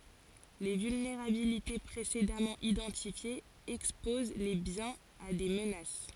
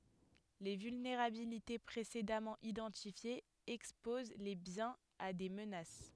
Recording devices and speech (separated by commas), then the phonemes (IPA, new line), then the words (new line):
forehead accelerometer, headset microphone, read sentence
le vylneʁabilite pʁesedamɑ̃ idɑ̃tifjez ɛkspoz le bjɛ̃z a de mənas
Les vulnérabilités précédemment identifiées exposent les biens a des menaces.